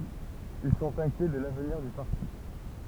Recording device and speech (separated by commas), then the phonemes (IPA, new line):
temple vibration pickup, read sentence
il sɔ̃t ɛ̃kjɛ də lavniʁ dy paʁti